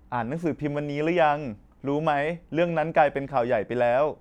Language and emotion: Thai, neutral